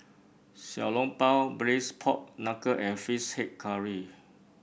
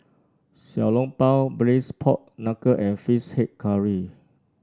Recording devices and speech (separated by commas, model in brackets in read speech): boundary microphone (BM630), standing microphone (AKG C214), read sentence